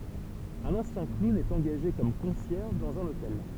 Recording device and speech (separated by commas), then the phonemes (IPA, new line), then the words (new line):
temple vibration pickup, read sentence
œ̃n ɑ̃sjɛ̃ klun ɛt ɑ̃ɡaʒe kɔm kɔ̃sjɛʁʒ dɑ̃z œ̃n otɛl
Un ancien clown est engagé comme concierge dans un hôtel.